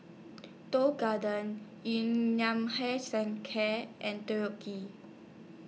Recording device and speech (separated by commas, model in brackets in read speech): mobile phone (iPhone 6), read sentence